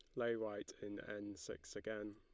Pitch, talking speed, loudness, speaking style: 105 Hz, 185 wpm, -46 LUFS, Lombard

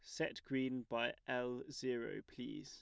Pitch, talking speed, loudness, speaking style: 125 Hz, 180 wpm, -43 LUFS, plain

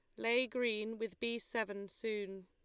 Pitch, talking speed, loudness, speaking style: 225 Hz, 160 wpm, -38 LUFS, Lombard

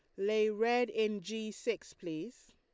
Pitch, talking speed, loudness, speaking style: 215 Hz, 155 wpm, -35 LUFS, Lombard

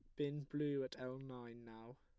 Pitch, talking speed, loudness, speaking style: 130 Hz, 200 wpm, -45 LUFS, plain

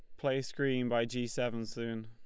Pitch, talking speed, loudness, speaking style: 120 Hz, 195 wpm, -35 LUFS, Lombard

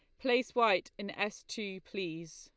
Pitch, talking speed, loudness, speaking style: 200 Hz, 165 wpm, -34 LUFS, Lombard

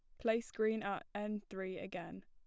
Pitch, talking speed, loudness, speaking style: 205 Hz, 175 wpm, -40 LUFS, plain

